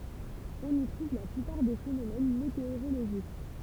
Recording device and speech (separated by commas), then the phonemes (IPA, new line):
temple vibration pickup, read sentence
ɔ̃n i tʁuv la plypaʁ de fenomɛn meteoʁoloʒik